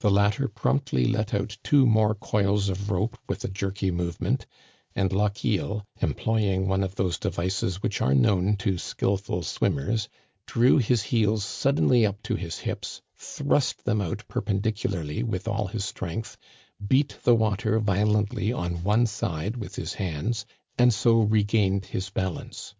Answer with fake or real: real